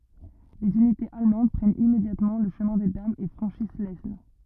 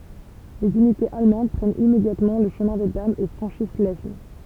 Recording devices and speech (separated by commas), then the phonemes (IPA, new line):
rigid in-ear microphone, temple vibration pickup, read sentence
lez ynitez almɑ̃d pʁɛnt immedjatmɑ̃ lə ʃəmɛ̃ de damz e fʁɑ̃ʃis lɛsn